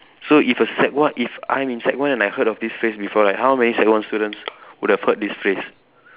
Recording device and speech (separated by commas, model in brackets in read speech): telephone, conversation in separate rooms